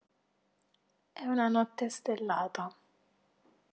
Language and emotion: Italian, neutral